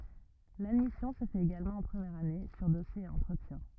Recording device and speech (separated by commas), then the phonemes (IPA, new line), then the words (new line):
rigid in-ear microphone, read sentence
ladmisjɔ̃ sə fɛt eɡalmɑ̃ ɑ̃ pʁəmjɛʁ ane syʁ dɔsje e ɑ̃tʁətjɛ̃
L'admission se fait également en première année, sur dossier et entretien.